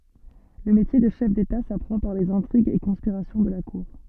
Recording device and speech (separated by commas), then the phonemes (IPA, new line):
soft in-ear microphone, read sentence
lə metje də ʃɛf deta sapʁɑ̃ paʁ lez ɛ̃tʁiɡz e kɔ̃spiʁasjɔ̃ də la kuʁ